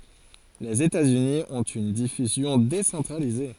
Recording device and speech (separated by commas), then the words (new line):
forehead accelerometer, read sentence
Les États-Unis ont une diffusion décentralisée.